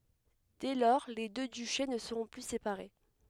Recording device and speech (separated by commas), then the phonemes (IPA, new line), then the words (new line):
headset microphone, read sentence
dɛ lɔʁ le dø dyʃe nə səʁɔ̃ ply sepaʁe
Dès lors, les deux duchés ne seront plus séparés.